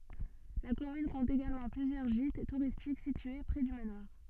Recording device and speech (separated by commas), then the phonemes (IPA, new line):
soft in-ear microphone, read sentence
la kɔmyn kɔ̃t eɡalmɑ̃ plyzjœʁ ʒit tuʁistik sitye pʁɛ dy manwaʁ